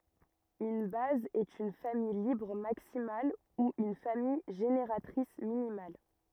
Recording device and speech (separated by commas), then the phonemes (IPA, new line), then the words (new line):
rigid in-ear microphone, read sentence
yn baz ɛt yn famij libʁ maksimal u yn famij ʒeneʁatʁis minimal
Une base est une famille libre maximale ou une famille génératrice minimale.